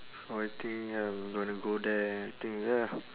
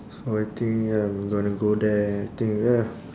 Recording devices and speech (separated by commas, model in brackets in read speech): telephone, standing microphone, conversation in separate rooms